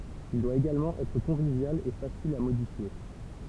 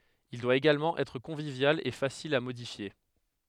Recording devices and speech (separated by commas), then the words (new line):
temple vibration pickup, headset microphone, read sentence
Il doit également être convivial et facile à modifier.